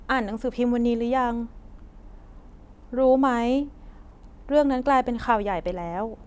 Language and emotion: Thai, sad